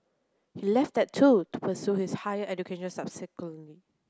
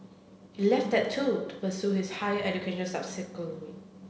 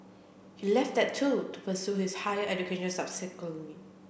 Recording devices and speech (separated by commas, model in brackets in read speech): close-talking microphone (WH30), mobile phone (Samsung C7), boundary microphone (BM630), read sentence